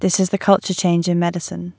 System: none